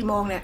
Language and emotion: Thai, neutral